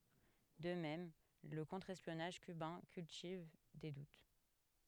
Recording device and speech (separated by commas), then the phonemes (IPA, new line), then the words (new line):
headset microphone, read sentence
də mɛm lə kɔ̃tʁ ɛspjɔnaʒ kybɛ̃ kyltiv de dut
De même, le contre-espionnage cubain cultive des doutes.